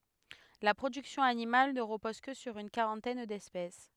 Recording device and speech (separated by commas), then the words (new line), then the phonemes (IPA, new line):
headset microphone, read sentence
La production animale ne repose que sur une quarantaine d'espèces.
la pʁodyksjɔ̃ animal nə ʁəpɔz kə syʁ yn kaʁɑ̃tɛn dɛspɛs